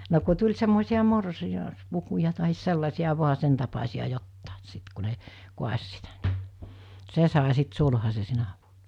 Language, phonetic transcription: Finnish, no ku tuĺ semmòisi₍a 'morsi- , -aspukuja taɦis 'sellasi₍a 'vo̭a 'sen tapasi₍a 'jottàes sit ku ne , 'kuas̜ sitä (ni) , 'se sàe sit 'sulhase 'sinä vuonᴀ .
- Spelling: no kun tuli semmoisia - morsiuspukuja tai sellaisia vain sen tapaisia jotakin sitten kun ne kaatoi sitä niin se sai sitten sulhasen sinä vuonna

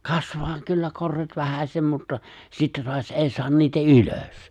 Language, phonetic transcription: Finnish, kasvaa 'kyllä 'korret 'vähäśem mutta , 'sittä toaś '’èi 'soan niitä "ylos .
- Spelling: kasvaa kyllä korret vähäsen mutta sitten taas ei saa niitä ylös

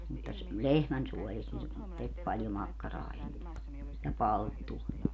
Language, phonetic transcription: Finnish, mutta ‿s - "lehmänsuɔlist ne , 'tek paljo 'makkaraa enne , ja 'palttua .
- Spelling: mutta - lehmänsuolista ne teki paljon makkaraa ennen ja palttua

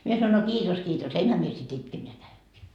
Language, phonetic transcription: Finnish, mie sanoin no 'kiitos 'kiitos , 'enhä mie sit 'itke mie 'läheŋkii .
- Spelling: minä sanoin no kiitos kiitos enhän minä sitten itke minä lähdenkin

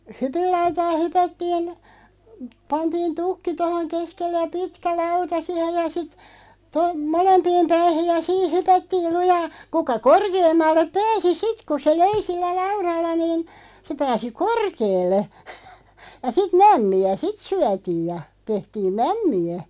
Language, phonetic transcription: Finnish, hypillautaa 'hypättiin , 'pantiin "tukki 'tohoŋ 'keskelle ja 'pitkä "lauta 'sihej ja sit , to- , "molempiim 'päihiʲ ja 'siih 'hypättiil 'lujaa , 'kuka "korkeemmallep 'pääsi "sit ku se "löi 'sillä "lauralla niin , se 'pääsi "korkeelle , ja 'sit "mämmi₍ä "sit 'syätiij ja , 'tehtiim "mämmi₍ä .
- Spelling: hypinlautaa hypättiin pantiin tukki tuohon keskelle ja pitkä lauta siihen ja sitten - molempiin päihin ja siinä hypättiin lujaa kuka korkeammalle pääsi sitten kun se löi sillä laudalla niin se pääsi korkealle ja sitten mämmiä sitten syötiin ja tehtiin mämmiä

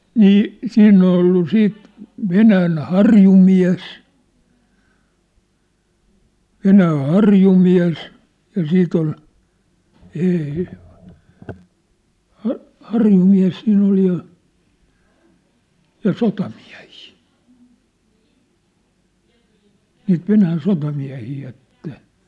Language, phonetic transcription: Finnish, nii , 'siinn ‿ol ‿ollu 'siit , "Venään "harjumiä̭s , "Venääⁿ̬ "harjumiä̭s , ja 'siit ‿ol , ê₍e , ha- , 'harjumiä̭s siin̆n ‿ol ja , ja 'sotamiä̭hɪɪ , niit 'Venään 'sotamiä̭hii et ne ,.
- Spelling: niin siinä oli ollut sitten Venäjän harjumies Venäjän harjumies ja siitä oli - - harjumies siinä oli ja ja sotamiehiä niitä Venäjän sotamiehiä että ne

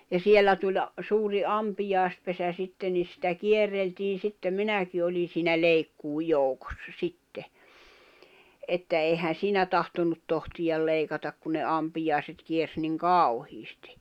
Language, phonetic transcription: Finnish, ja 'siellä tuĺ , 'suuri 'ampijài̬spesä 'sitte ni sⁱtä 'kierreltiin̬ sittem "minäki oli siinä "leikkuuj̆ 'joukossa 'sitte , että èihän̬ "siinä tahtonnut tohtiʲal 'leikatak ku ne 'ampijài̬set kiers niŋ "kau̬hiistɪ .
- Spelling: ja siellä tuli suuri ampiaispesä sitten niin sitä kierreltiin sitten minäkin olin siinä leikkuun joukossa sitten että eihän siinä tahtonut tohtia leikata kun ne ampiaiset kiersi niin kauheasti

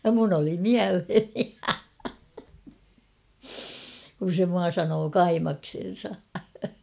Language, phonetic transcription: Finnish, ja 'mun ‿oli "miälheni , kun̬ se 'mua sanoo "kaimaksen̬sa .
- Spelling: ja minun oli mieleeni kun se minua sanoi kaimaksensa

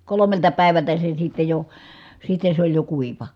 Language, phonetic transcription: Finnish, kolomelta pä̀i̮vältä se sitte jo , sitte sᵉ ‿oĺ jo kuiva .
- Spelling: kolmelta päivältä se sitten jo sitten se oli jo kuiva

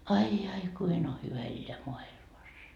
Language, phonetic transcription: Finnish, 'ai ai "kuin o hyvä elleä "moa₍ilmas .
- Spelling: ai ai kuinka on hyvä elää maailmassa

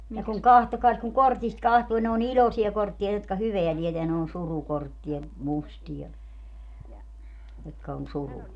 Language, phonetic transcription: Finnish, ne kuŋ 'kahtokaas kuŋ "kortist 'kahtuu - ne o"n ‿iĺosia 'korttia jotka "hyveä 'tieteä - ne on 'surukorttia , 'mustija , jotka on "surua .
- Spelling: ne kun katsokaas kun kortista katsoo ne on iloisia kortteja jotka hyvää tietää ne on surukortteja mustia jotka on surua

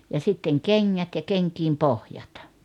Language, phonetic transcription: Finnish, ja 'sitteŋ "keŋŋät ja 'keŋkiim "pohjat .
- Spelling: ja sitten kengät ja kenkien pohjat

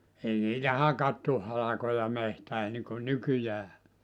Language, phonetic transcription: Finnish, 'ei niitä "hakattuh 'halakoja 'mehtää niŋkun "nykyjää .
- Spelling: ei niitä hakattu halkoja metsään niin kuin nykyään

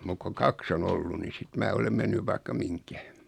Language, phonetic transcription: Finnish, 'muk koŋ 'kaks on 'ollu ni 'sit mää 'olem "mennyv 'vaikka "miŋkä .
- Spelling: mutta kun kaksi on ollut niin sitten minä olen mennyt vaikka mihin

